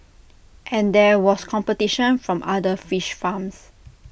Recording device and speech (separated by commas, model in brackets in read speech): boundary microphone (BM630), read sentence